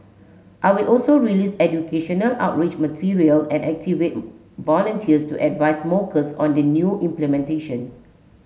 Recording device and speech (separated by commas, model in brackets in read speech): mobile phone (Samsung S8), read sentence